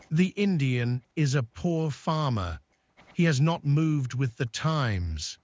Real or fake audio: fake